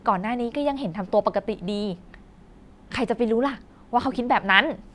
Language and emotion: Thai, happy